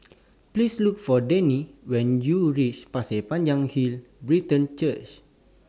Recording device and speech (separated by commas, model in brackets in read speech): standing microphone (AKG C214), read sentence